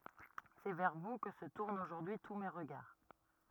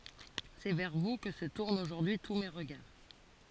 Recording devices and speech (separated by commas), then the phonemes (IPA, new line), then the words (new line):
rigid in-ear microphone, forehead accelerometer, read sentence
sɛ vɛʁ vu kə sə tuʁnt oʒuʁdyi tu me ʁəɡaʁ
C’est vers vous que se tournent aujourd’hui tous mes regards.